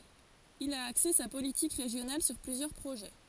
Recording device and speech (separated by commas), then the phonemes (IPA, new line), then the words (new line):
forehead accelerometer, read sentence
il a akse sa politik ʁeʒjonal syʁ plyzjœʁ pʁoʒɛ
Il a axé sa politique régionale sur plusieurs projets.